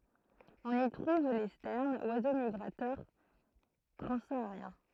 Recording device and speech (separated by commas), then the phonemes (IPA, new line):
throat microphone, read sentence
ɔ̃n i tʁuv le stɛʁnz wazo miɡʁatœʁ tʁɑ̃saaʁjɛ̃